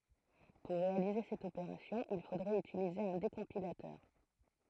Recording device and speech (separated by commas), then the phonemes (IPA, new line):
throat microphone, read sentence
puʁ ʁealize sɛt opeʁasjɔ̃ il fodʁɛt ytilize œ̃ dekɔ̃pilatœʁ